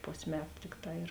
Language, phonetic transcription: Lithuanian, ˈpos' ˈmetu ˈtikˌtā ir

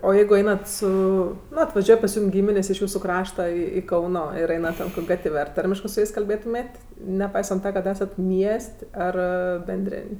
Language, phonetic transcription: Lithuanian, o ˈjeigu ˈeinat ˈsu ˈnu atvaˈžiuoj pas ˈjūm ˈgyminės' iš ˈjūsu ˈkrašta i ˈkauno ˈir ˈeina ˈten kok' ˈgatv' ar ˈtarmiškɜ su ˈjais kalˈbėtumėt' neˈpaisant ˈta kad ˈesat ˈmies't' ˈar benˈdrėn'

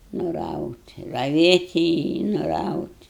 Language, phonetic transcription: Lithuanian, nuˈraut' raˈvėti i nuˈraut'

